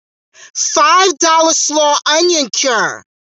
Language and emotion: English, neutral